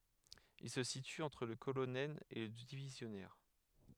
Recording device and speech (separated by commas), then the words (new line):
headset microphone, read sentence
Il se situe entre le colonel et le divisionnaire.